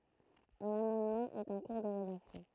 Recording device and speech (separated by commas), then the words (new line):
throat microphone, read sentence
Un amendement est en cours de rédaction.